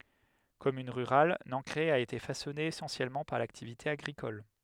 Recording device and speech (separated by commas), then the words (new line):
headset microphone, read sentence
Commune rurale, Nancray a été façonnée essentiellement par l'activité agricole.